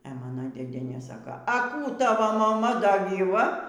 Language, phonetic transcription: Lithuanian, e ˈmana dėˈdienė ˈsaka a ˈkų a ˈtavo maˈma da gyˈva

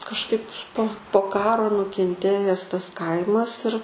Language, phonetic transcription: Lithuanian, kažˈkaip po po ˈkaro nukenˈtėjes tas ˈkaimas ir

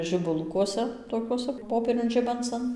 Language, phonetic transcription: Lithuanian, žibuˈlukuose toˈkiuosa ˈpopieriun ˈžibancan

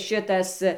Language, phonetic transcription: Lithuanian, ˈšitas

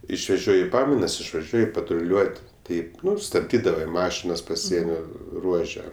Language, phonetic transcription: Lithuanian, išveˈžioji ˈpamainas išvaˈžiuoji patruˈliuot' ˈtaip ˈnu stabˈdydavai ˈmašinas paˈsienio ˈruože

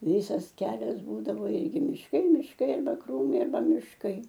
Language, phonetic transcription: Lithuanian, ˈvysas ˈkelias ˈbūdavo ˈirgi mišˈkai mišˈkai arˈba ˈkrūmai arˈba mišˈkai

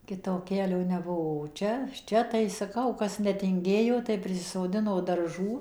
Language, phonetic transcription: Lithuanian, ˈkito ˈkelio neˈbuo o ˈčia ˈčia tai saˈkau ˈkas netinˈgėjo tai prisisoˈdino darˈžų

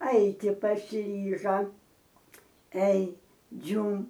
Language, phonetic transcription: Lithuanian, ˈaiti pasiˈryža ei ˈdžiūm

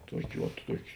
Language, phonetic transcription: Lithuanian, ˈtuokė vat ˈtuokė

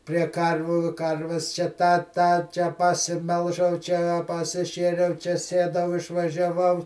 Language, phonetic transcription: Lithuanian, prie ˈkarvių ˈkarves čia ˈtą ˈtą čia pasiˈmelžau ˈčia a pasiˈšėriau čia ˈsiedau išvažiaˈvau

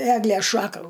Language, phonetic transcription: Lithuanian, ˈeglės ˈšaka

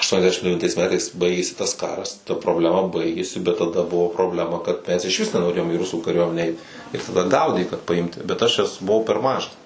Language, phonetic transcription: Lithuanian, ašˌtuoniasˈdešim devinˈtais ˈmetais ˈbaigėsi tas ˈkaras ta probleˈma ˈbaigėsi bet taˈda ˈbuvo probˈlema kad ˈmes išˈvis nenoˈrėjom į ˈrusų kaˈriuomenę ˈeit ir taˈda ˈgaudė kad paˈimti bet ˈaš buˈvau per ˈmažas

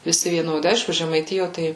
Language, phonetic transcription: Lithuanian, viˈsi vieˈnodi ˈaišku žemaiˈtijo ˈtai

